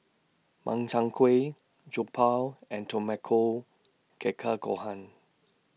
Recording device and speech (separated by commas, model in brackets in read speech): mobile phone (iPhone 6), read sentence